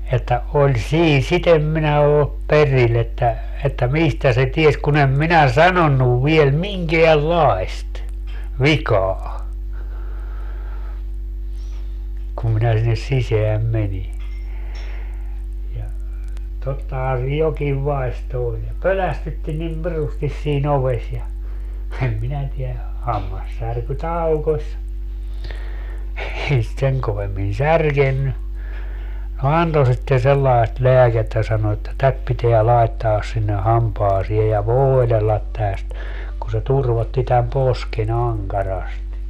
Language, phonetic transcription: Finnish, että , 'oĺ "sii 'sit ‿em minä oop "peril ‿että , että "mistä se 'ties kun ‿em "minä "sanonnuv viel "miŋkeäl"laest , "vikaa , kum minä sinnes 'siseäm 'meni , ja , 'tottahaa se 'jokiv 'vai̮sto oĺ ja "pölästytti nim 'pirustis sii'n ‿oves ja , em 'minä tiä , 'hammassärky "taukoś , 'ei sit 'seŋ kovemmin "särkenny , no "anto sitte sellaest "leäkettä sano että » 'tät piteä 'laettaas sinne 'hampaasie ja "vooelellat täst » , ku se 'turvotti täm 'poske"n ‿aŋkarasti .
- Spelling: että oli siinä sitä en minä ole perillä että että mistä se tiesi kun en minä sanonut vielä minkäänlaista vikaa kun minä sinne sisään menin ja tottahan se jokin vaisto oli ja pelästytti niin pirusti siinä ovessa ja en minä tiedä hammassärky taukosi ei sitä sen kovemmin särkenyt no antoi sitten sellaista lääkettä sanoi että tätä pitää laittaa sinne hampaisiin ja voidella tästä kun se turvotti tämän posken ankarasti

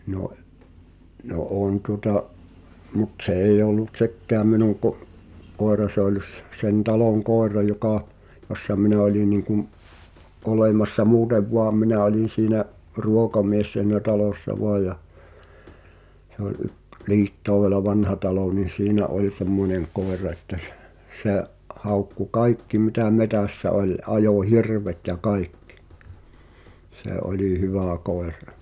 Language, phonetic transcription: Finnish, no’ , no '’òn tuŏta’ , mut't ‿se eij ‿ollu "t̳sekkaam minuŋ ko’- , koera se ‿oĺ s- , sen 'taloŋ 'kòer̆ra jokà , jossa 'minä oĺi niiŋkum , '’olèmassa 'muutev "voam̆ 'minä olin̬ siinä’ , "ruokamies s(ii)nä 'talòssa 'voaj ja , se ‿ol yk- , 'Liittòuvela "Vanhatalò ni "siinä 'oĺ "semmoneŋ 'kòera että s- , 'se̬’ , 'haukku "kaikki mitä 'metä̀ssä 'oĺ , '’ajò "hirvet ja "kaikkɪ , 'se "’oĺi 'hyvä̀ 'koerrᴀ .
- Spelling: no no on tuota mutta se ei ollut sekään minun - koira se oli - sen talon koira joka jossa minä oli niin kuin olemassa muuten vain minä olin siinä ruokamies siinä talossa vain ja se oli - Liittoudella Vanhatalo niin siinä oli semmoinen koira että - se haukkui kaikki mitä metsässä oli ajoi hirvet ja kaikki se oli hyvä koira

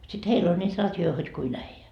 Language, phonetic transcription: Finnish, sit 'heil ‿oĺ ńiit 'rat'joi hod kui'n ‿äijä .
- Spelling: sitten heillä oli niitä radioita hod kuinka äijä

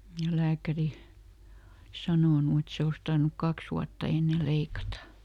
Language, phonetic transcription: Finnish, ja ˈlääkäri , (oli) ˈsanònu et ˈse os tarnuk "kaks ‿uatta ˈenne ˈleikata .
- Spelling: ja lääkäri oli sanonut että se olisi tarvinnut kaksi vuotta ennen leikata

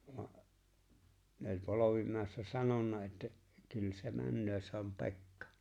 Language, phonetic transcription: Finnish, 'no , ne ‿oĺ̀ 'Polovimä̀ḙssä 'sanonna että , » kyl se 'männöö se ‿om "Pe̬kkᴀ .
- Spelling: no ne oli Polvimäessä sanonut että kyllä se menee se on Pekka

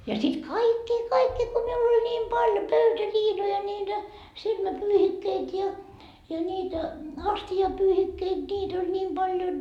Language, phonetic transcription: Finnish, ja sit "kaikkii 'kaikkii ko miul ‿oĺ ńiim 'paljo "pöytäliinoja ńiitä , 'silmäpyyhikkeit ja , ja niitä , 'asti₍apyyhikkeit ńiit ‿oĺ ńiim 'Baljon .
- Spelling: ja sitten kaikkia kaikkia kun minulla oli niin paljon pöytäliinoja niitä silmäpyyhikkeitä ja ja niitä astiapyyhikkeitä niitä oli niin paljon

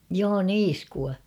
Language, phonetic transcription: Finnish, 'joo "niiskua .
- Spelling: joo niiskua

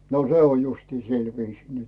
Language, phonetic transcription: Finnish, no se on justii 'sil viisii nyt .
- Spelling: no se on justiin sillä viisiin nyt

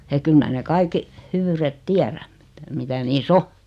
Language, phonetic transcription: Finnish, eᵏ 'kyl mää ne 'kaikki , 'hyvyyret "tiäräm ᴍɪtᴀ̈ 'mitä niis"s ‿o .
- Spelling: että kyllä minä ne kaikki hyvyydet tiedän mitä mitä niissä on

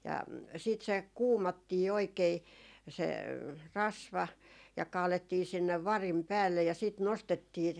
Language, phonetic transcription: Finnish, ja , siit se "kuumattii oikei , se , "rasva , ja 'kaalettii sinnev "varim "päällej ja sìt "nostettii ,.
- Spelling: ja sitten se kuumattiin oikein se rasva ja kaadettiin sinne varin päälle ja sitten nostettiin

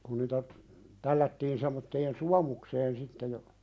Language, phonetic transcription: Finnish, kun niitä , 'tällättiin semmotteen "suamukseen sitte ja ,.
- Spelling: kun niitä tällättiin semmoiseen suomukseen sitten ja

